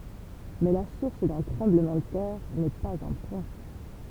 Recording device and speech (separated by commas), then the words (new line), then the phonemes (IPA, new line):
temple vibration pickup, read sentence
Mais la source d'un tremblement de terre n'est pas un point.
mɛ la suʁs dœ̃ tʁɑ̃bləmɑ̃ də tɛʁ nɛ paz œ̃ pwɛ̃